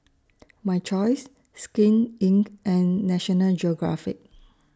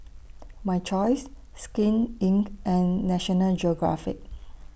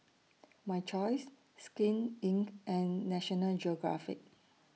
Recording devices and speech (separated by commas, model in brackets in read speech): standing microphone (AKG C214), boundary microphone (BM630), mobile phone (iPhone 6), read sentence